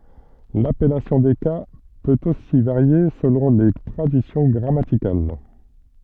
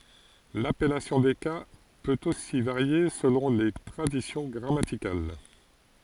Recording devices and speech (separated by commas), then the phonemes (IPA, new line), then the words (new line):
soft in-ear microphone, forehead accelerometer, read sentence
lapɛlasjɔ̃ de ka pøt osi vaʁje səlɔ̃ le tʁadisjɔ̃ ɡʁamatikal
L'appellation des cas peut aussi varier selon les traditions grammaticales.